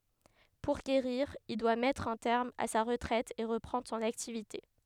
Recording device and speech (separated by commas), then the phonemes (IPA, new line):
headset microphone, read sentence
puʁ ɡeʁiʁ il dwa mɛtʁ œ̃ tɛʁm a sa ʁətʁɛt e ʁəpʁɑ̃dʁ sɔ̃n aktivite